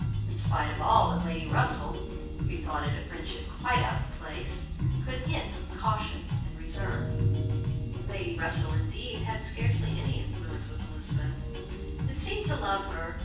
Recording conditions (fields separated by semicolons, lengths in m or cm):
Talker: one person; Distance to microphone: 9.8 m; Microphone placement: far; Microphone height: 1.8 m; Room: large; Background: music